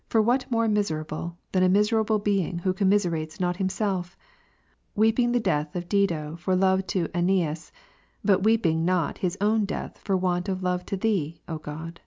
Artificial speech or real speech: real